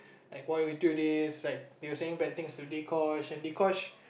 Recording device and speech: boundary microphone, conversation in the same room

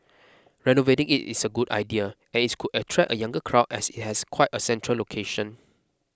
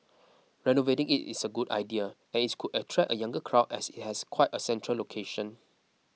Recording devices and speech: close-talking microphone (WH20), mobile phone (iPhone 6), read sentence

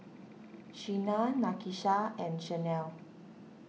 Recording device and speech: mobile phone (iPhone 6), read sentence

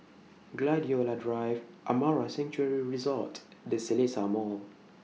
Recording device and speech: mobile phone (iPhone 6), read sentence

